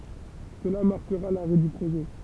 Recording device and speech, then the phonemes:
temple vibration pickup, read sentence
səla maʁkəʁa laʁɛ dy pʁoʒɛ

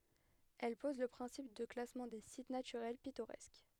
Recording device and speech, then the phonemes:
headset microphone, read sentence
ɛl pɔz lə pʁɛ̃sip də klasmɑ̃ de sit natyʁɛl pitoʁɛsk

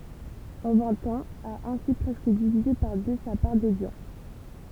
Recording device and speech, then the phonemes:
temple vibration pickup, read sentence
ɑ̃ vɛ̃t ɑ̃z a ɛ̃si pʁɛskə divize paʁ dø sa paʁ dodjɑ̃s

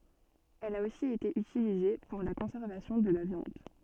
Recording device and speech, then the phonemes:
soft in-ear microphone, read sentence
ɛl a osi ete ytilize puʁ la kɔ̃sɛʁvasjɔ̃ də la vjɑ̃d

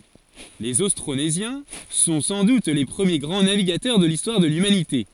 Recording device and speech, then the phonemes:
forehead accelerometer, read sentence
lez ostʁonezjɛ̃ sɔ̃ sɑ̃ dut le pʁəmje ɡʁɑ̃ naviɡatœʁ də listwaʁ də lymanite

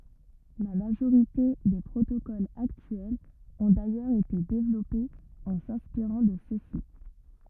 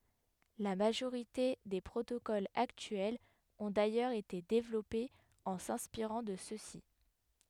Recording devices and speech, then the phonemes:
rigid in-ear microphone, headset microphone, read sentence
la maʒoʁite de pʁotokolz aktyɛlz ɔ̃ dajœʁz ete devlɔpez ɑ̃ sɛ̃spiʁɑ̃ də søksi

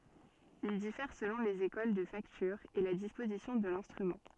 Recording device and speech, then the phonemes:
soft in-ear microphone, read sentence
il difɛʁ səlɔ̃ lez ekol də faktyʁ e la dispozisjɔ̃ də lɛ̃stʁymɑ̃

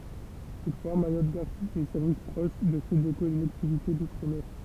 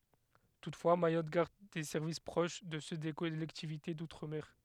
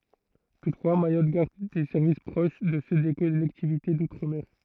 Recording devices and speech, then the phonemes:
temple vibration pickup, headset microphone, throat microphone, read sentence
tutfwa majɔt ɡaʁd de sɛʁvis pʁoʃ də sø de kɔlɛktivite dutʁ mɛʁ

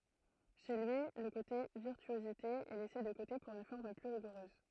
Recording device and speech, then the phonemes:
throat microphone, read sentence
ʃe lyi lə kote viʁtyozite ɛ lɛse də kote puʁ yn fɔʁm ply ʁiɡuʁøz

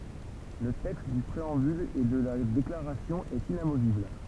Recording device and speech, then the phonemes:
temple vibration pickup, read sentence
lə tɛkst dy pʁeɑ̃byl e də la deklaʁasjɔ̃ ɛt inamovibl

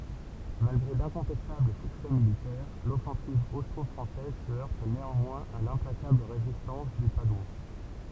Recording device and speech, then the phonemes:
temple vibration pickup, read sentence
malɡʁe dɛ̃kɔ̃tɛstabl syksɛ militɛʁ lɔfɑ̃siv ostʁɔfʁɑ̃sɛz sə œʁt neɑ̃mwɛ̃z a lɛ̃plakabl ʁezistɑ̃s de padwɑ̃

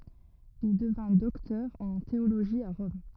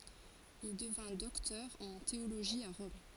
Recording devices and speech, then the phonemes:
rigid in-ear microphone, forehead accelerometer, read sentence
il dəvɛ̃ dɔktœʁ ɑ̃ teoloʒi a ʁɔm

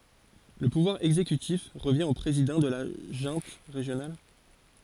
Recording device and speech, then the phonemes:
forehead accelerometer, read sentence
lə puvwaʁ ɛɡzekytif ʁəvjɛ̃ o pʁezidɑ̃ də la ʒœ̃t ʁeʒjonal

